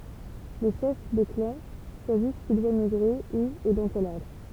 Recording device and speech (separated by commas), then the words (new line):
temple vibration pickup, read sentence
Les chefs de clans choisissent qui doit migrer, où et dans quel ordre.